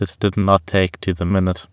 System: TTS, waveform concatenation